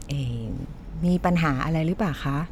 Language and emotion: Thai, neutral